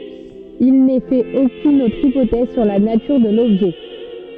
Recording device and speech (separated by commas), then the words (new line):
soft in-ear microphone, read sentence
Il n'est fait aucune autre hypothèse sur la nature de l'objet.